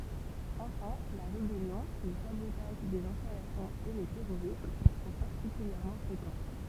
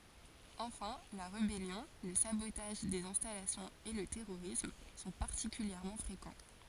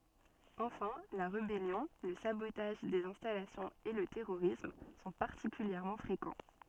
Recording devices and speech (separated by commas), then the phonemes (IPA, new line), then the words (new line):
temple vibration pickup, forehead accelerometer, soft in-ear microphone, read sentence
ɑ̃fɛ̃ la ʁebɛljɔ̃ lə sabotaʒ dez ɛ̃stalasjɔ̃z e lə tɛʁoʁism sɔ̃ paʁtikyljɛʁmɑ̃ fʁekɑ̃
Enfin, la rébellion, le sabotage des installations et le terrorisme sont particulièrement fréquents.